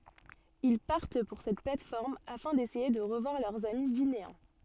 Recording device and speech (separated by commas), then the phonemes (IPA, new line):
soft in-ear microphone, read sentence
il paʁt puʁ sɛt plat fɔʁm afɛ̃ desɛje də ʁəvwaʁ lœʁz ami vineɛ̃